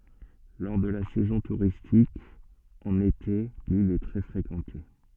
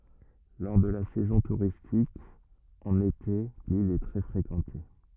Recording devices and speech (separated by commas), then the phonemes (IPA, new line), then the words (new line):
soft in-ear microphone, rigid in-ear microphone, read sentence
lɔʁ də la sɛzɔ̃ tuʁistik ɑ̃n ete lil ɛ tʁɛ fʁekɑ̃te
Lors de la saison touristique, en été, l'île est très fréquentée.